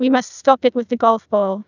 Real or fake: fake